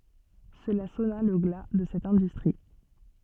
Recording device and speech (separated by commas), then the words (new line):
soft in-ear microphone, read sentence
Cela sonna le glas de cette industrie.